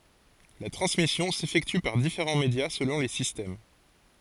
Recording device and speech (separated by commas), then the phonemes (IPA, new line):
forehead accelerometer, read sentence
la tʁɑ̃smisjɔ̃ sefɛkty paʁ difeʁɑ̃ medja səlɔ̃ le sistɛm